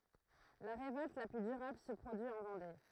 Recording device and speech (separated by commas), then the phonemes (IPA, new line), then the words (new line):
throat microphone, read sentence
la ʁevɔlt la ply dyʁabl sə pʁodyi ɑ̃ vɑ̃de
La révolte la plus durable se produit en Vendée.